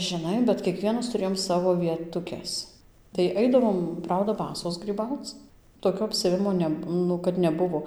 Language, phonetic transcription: Lithuanian, žiˈnai bet kieˈkvienas tuˈrėjom ˈsavo vietuˈkes tai ˈaidavom ˈprauda ˈbasos gryˈbauc toˈkio apsiaˈvimo ˈne ˈnu kad neˈbuvo

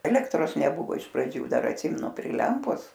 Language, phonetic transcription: Lithuanian, ˈelektros neˈbuvo iš praˈdžių ˈdar atˈsimenu pri ˈlempos

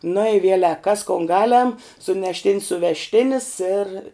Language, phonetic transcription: Lithuanian, nu i ˈvielek kas kon ˈgaˌlem sunešˈtin's suvežˈtinis ir

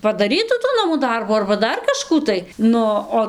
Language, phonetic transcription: Lithuanian, padaˈrytų tų ˈnamų ˈdarbų arba ˈdar kaˈžkų tai ˈnu o

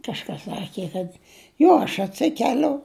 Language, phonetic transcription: Lithuanian, kažˈkas ˈsaki kad ˈjo aš atˈsikeliu

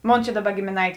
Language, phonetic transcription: Lithuanian, ˈmon čia ˈdaˌba gėmėˈnaitė

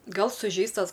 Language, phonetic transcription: Lithuanian, ˈgal suˈžeistas

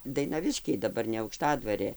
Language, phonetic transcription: Lithuanian, dainaˈviškiai daˈbar ne aukˈštadvarė

